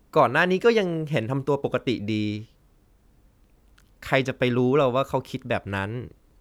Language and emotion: Thai, neutral